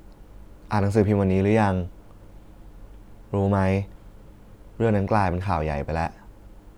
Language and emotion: Thai, frustrated